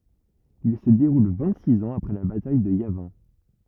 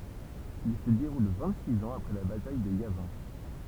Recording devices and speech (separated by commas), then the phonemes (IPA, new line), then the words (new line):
rigid in-ear microphone, temple vibration pickup, read sentence
il sə deʁul vɛ̃t siz ɑ̃z apʁɛ la bataj də javɛ̃
Il se déroule vingt-six ans après la bataille de Yavin.